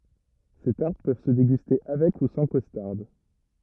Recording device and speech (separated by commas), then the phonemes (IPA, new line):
rigid in-ear microphone, read sentence
se taʁt pøv sə deɡyste avɛk u sɑ̃ kɔstaʁd